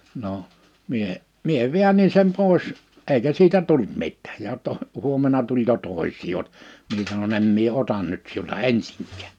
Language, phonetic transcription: Finnish, no , 'mie , 'mie "viännin̬ 'sem 'pòes , 'eikä siitä 'tult 'mittᴀ̈ᴀ̈j ja to- , 'huommena 'tul jo 'tòisii ot- , 'mie sanon‿ » 'em mie "otan nyt siulta 'ensiŋk̀ᴀ̈ᴀ̈ .
- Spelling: no minä minä väänsin sen pois eikä siitä tullut mitään ja - huomenna tuli jo toisia - minä sanoin en minä ota nyt sinulta ensinkään

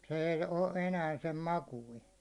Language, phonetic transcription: Finnish, se ei 'o 'enää sem "makuin̬ .
- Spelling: se ei ole enää sen makuinen

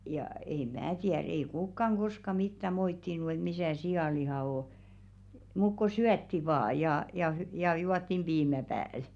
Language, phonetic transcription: Finnish, ja ei "mää tiär ei 'kukkaŋ 'ɢoska 'mittä 'moittinu et » 'misä̀ "si₍àlihà 'o ? « muk ko "syätti 'vaa ja ja hy- ja 'juattim "ʙiimä pääl .
- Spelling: ja ei minä tiedä ei kukaan koskaan mitään moittinut että missä sianliha on mutta kun syötiin vain ja ja - ja juotiin piimä päälle

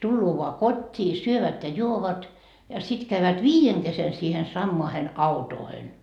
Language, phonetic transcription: Finnish, 'tulloo voa "kot́t́ii , 'syövät ja 'juovat , ja sit käyvät "viijeŋ kesen siihen 'sammoahen "autoohen .
- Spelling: tulee vain kotiin syövät ja juovat ja sitten käyvät viiden kesken siihen samaan autoon

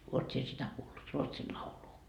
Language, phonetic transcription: Finnish, 'uot sie sitä 'kuullut , 'Ruotsil 'lauluu ?
- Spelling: olet sinä sitä kuullut Ruotsin laulua

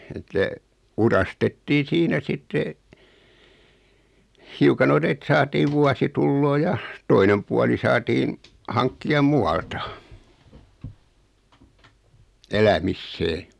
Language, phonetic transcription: Finnish, että , 'urastettiin "siinä 'sitte , 'hiuka non ‿et 'saatii 'vuasitulloo ja , 'toinem puali 'saatiin , 'haŋkki₍a "mu₍alta , "elämissee .
- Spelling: että uurastettiin siinä sitten hiukan noin että saatiin vuosituloa ja toinen puoli saatiin hankkia muualta elämiseen

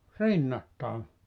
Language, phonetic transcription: Finnish, "rinnattàe .
- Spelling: rinnattain

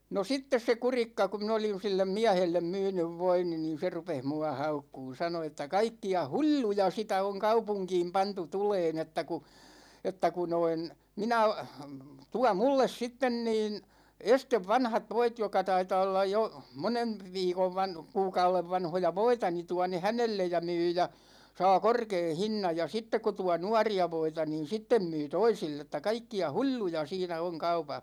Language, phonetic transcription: Finnish, no 'sittes se 'Kurikka ku̬ min ‿olij (jo) 'sillem "miähellem 'myynyv 'voini ni 'se rupeh 'mua 'haukkuun̬ 'sano että » 'kaikki₍a "hu͕l͕l͕u͕ja sitä oŋ 'kaupuŋkiim 'pantu 'tuleen että ku , 'että ku noin , 'minä , 'tua 'mulles 'sitten niin , 'estev "vanhat 'voit jok̆ka 'taitaa ollaj jo , 'monen̬ , 'viikov 'van- , 'kuukaulev 'vanhoja "voita ni 'tua ne "hänellej ja 'myy ja , 'saa "korkee "hinnaj ja , 'sittek ko 'tua "nuari₍a 'voita niin 'sittem myy "toisill ‿et̆tä 'kaikki₍a "hu͕l͕l͕u͕ja 'siinä oŋ 'kaupah « .
- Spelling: no sitten se Kurikka kun minä olin jo sille miehelle myynyt voini niin se rupesi minua haukkumaan sanoi että kaikkia hulluja sitä on kaupunkiin pantu tulemaan että kun että kun noin minä tuo minulle sitten niin ensin vanhat voit jotka taitaa olla jo monen viikon - kuukauden vanhoja voita niin tuo ne hänelle ja myy ja saa korkean hinnan ja sitten kun tuo nuoria voita niin sitten myy toisille että kaikkia hulluja siinä on kaupassa

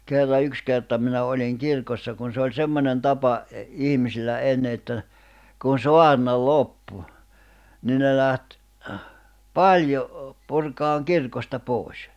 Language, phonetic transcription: Finnish, 'kerra 'yks kerta minä oĺiŋ 'kirkossa kun se oĺ 'semmońen 'tapa , e- , 'ihmisillä 'enne että , kun "soarna "loppu , 'ni ne läht , "paĺjo , purkaaŋ 'kirkosta 'pòis .
- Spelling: kerran yksi kerta minä olin kirkossa kun se oli semmoinen tapa - ihmisillä ennen että kun saarna loppui niin ne lähti paljon purkamaan kirkosta pois

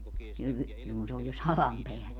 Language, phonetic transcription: Finnish, kyv- , (niiŋ kun se ‿oj jo , salam peäl) .
- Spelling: - niin kun se on jo sadan päällä

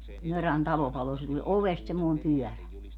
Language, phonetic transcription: Finnish, 'Mörän "talo 'palo se tuĺ "ovest semmoi̮m 'pyɔ̈̀rä .
- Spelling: Mörän talo paloi se tuli ovesta semmoinen pyörä

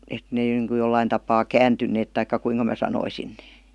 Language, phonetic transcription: Finnish, et 'nee niŋku 'jollain tapaa "kääntynneet taikka 'kuiŋka mää sanoisin NEE .
- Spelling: että ne niin kuin jollakin tapaa kääntyneet tai kuinka minä sanoisin ne

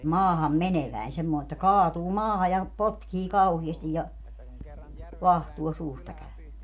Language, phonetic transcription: Finnish, "maaham"meneväin semmoo että "kaatuu 'maaha ja , "potkii 'kauhiɛstij ja , "vahtuo 'suusta käö .
- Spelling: maahanmeneväinen semmoinen että kaatuu maahan ja potkii kauheasti ja vaahtoa suusta käy

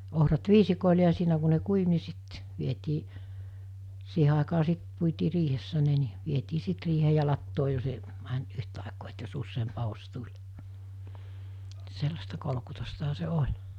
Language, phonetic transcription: Finnish, 'ohrat 'viisikòile ja 'siinä ku ne 'kuiv ni sit , vietii , 'siihe àikaa 'sit , puitii 'riihessä ne ni , 'vietii 'sit riihee ja 'lattoo jos e- , mänt 'yht₍àekoo et jos 'usseemp 'ahos 'tuĺ , 'sellasta kolᵒkutostaha se "oĺ .
- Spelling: ohrat viisikoille ja siinä kun ne kuivui niin sitten vietiin siihen aikaa sitten puitiin riihessä ne niin vietiin sitten riiheen ja latoon jos - meni yhtaikaa että jos useampi aho tuli sellaista kolkutustahan se oli

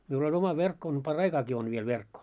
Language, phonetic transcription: Finnish, miul ‿oĺ 'oma 'verkko on 'par"raikaaki on viel 'verkko .
- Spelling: minulla oli oma verkko on paraikaakin on vielä verkko

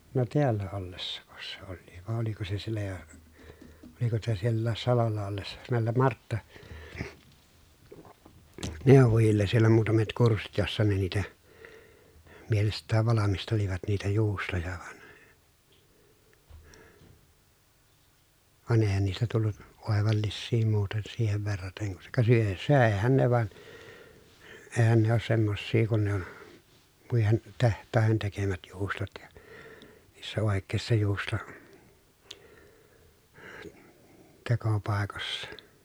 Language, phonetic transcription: Finnish, no teällä ollessako se olliiv vàe oliko se siellä jo , oliko sitä siellääs salolla ollessa , nä̀ellem Martta- , -nèovojilles sielä muutamet kurssit jossa ne niitä , mielest̆tääv valamistelivat niitä juustoja van , van èi̮hän niistä tullu , òevallissii muuten siihev verrateŋ kun , se kuŋ ka syö- sö̀ehän ne van , eehän ne oos semmossii kun ne ‿on , muihen , teht̆tàehen tekemät juustot ja , niissä òekkèi̮ssa juusto- , -tekopàekossA .
- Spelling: no täällä ollessako se olikin vai oliko se siellä jo oliko sitä sielläkin salolla ollessa näille - marttaneuvojille siellä muutamat kurssit jossa ne niitä mielestään valmistelivat niitä juustoja vaan vaan eihän niistä tullut oivallisia muuten siihen verraten kun se kun ka - söihän ne vaan eihän ne ole semmoisia kuin ne on muiden tehtaiden tekemät juustot ja niissä oikeissa - juustotekopaikoissa

